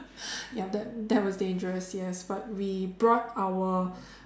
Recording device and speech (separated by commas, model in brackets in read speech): standing microphone, conversation in separate rooms